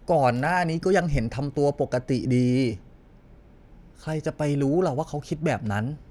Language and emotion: Thai, frustrated